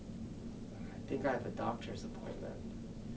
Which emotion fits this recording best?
neutral